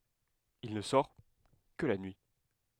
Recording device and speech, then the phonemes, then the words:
headset microphone, read sentence
il nə sɔʁ kə la nyi
Il ne sort que la nuit.

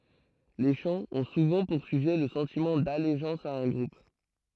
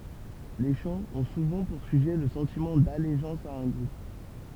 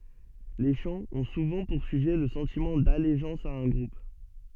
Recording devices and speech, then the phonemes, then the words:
throat microphone, temple vibration pickup, soft in-ear microphone, read sentence
le ʃɑ̃z ɔ̃ suvɑ̃ puʁ syʒɛ lə sɑ̃timɑ̃ daleʒɑ̃s a œ̃ ɡʁup
Les chants ont souvent pour sujet le sentiment d'allégeance à un groupe.

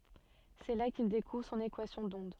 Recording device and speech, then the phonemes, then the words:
soft in-ear microphone, read sentence
sɛ la kil dekuvʁ sɔ̃n ekwasjɔ̃ dɔ̃d
C'est là qu'il découvre son équation d'onde.

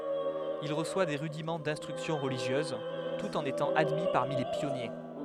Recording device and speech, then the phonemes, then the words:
headset microphone, read sentence
il ʁəswa de ʁydimɑ̃ dɛ̃stʁyksjɔ̃ ʁəliʒjøz tut ɑ̃n etɑ̃ admi paʁmi le pjɔnje
Il reçoit des rudiments d'instruction religieuse, tout en étant admis parmi les Pionniers.

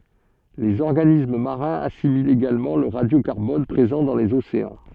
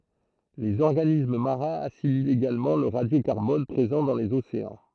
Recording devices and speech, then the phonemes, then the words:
soft in-ear microphone, throat microphone, read sentence
lez ɔʁɡanism maʁɛ̃z asimilt eɡalmɑ̃ lə ʁadjokaʁbɔn pʁezɑ̃ dɑ̃ lez oseɑ̃
Les organismes marins assimilent également le radiocarbone présent dans les océans.

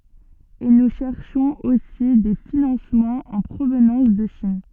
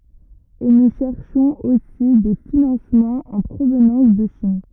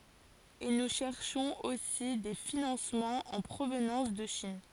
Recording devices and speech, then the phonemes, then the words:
soft in-ear microphone, rigid in-ear microphone, forehead accelerometer, read sentence
e nu ʃɛʁʃɔ̃z osi de finɑ̃smɑ̃z ɑ̃ pʁovnɑ̃s də ʃin
Et nous cherchons aussi des financements en provenance de Chine.

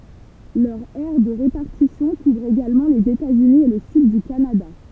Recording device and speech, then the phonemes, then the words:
temple vibration pickup, read sentence
lœʁ ɛʁ də ʁepaʁtisjɔ̃ kuvʁ eɡalmɑ̃ lez etaz yni e lə syd dy kanada
Leur aire de répartition couvre également les États-Unis et le Sud du Canada.

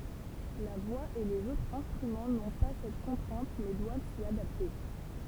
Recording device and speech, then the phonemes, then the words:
temple vibration pickup, read sentence
la vwa e lez otʁz ɛ̃stʁymɑ̃ nɔ̃ pa sɛt kɔ̃tʁɛ̃t mɛ dwav si adapte
La voix et les autres instruments n'ont pas cette contrainte mais doivent s'y adapter.

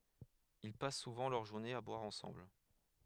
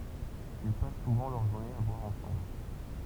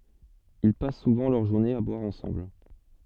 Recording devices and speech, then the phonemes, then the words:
headset microphone, temple vibration pickup, soft in-ear microphone, read sentence
il pas suvɑ̃ lœʁ ʒuʁnez a bwaʁ ɑ̃sɑ̃bl
Ils passent souvent leurs journées à boire ensemble.

